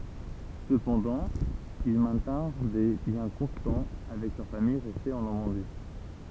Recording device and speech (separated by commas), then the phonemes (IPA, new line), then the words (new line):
temple vibration pickup, read sentence
səpɑ̃dɑ̃ il mɛ̃tɛ̃ʁ de ljɛ̃ kɔ̃stɑ̃ avɛk lœʁ famij ʁɛste ɑ̃ nɔʁmɑ̃di
Cependant, ils maintinrent des liens constants avec leur famille restée en Normandie.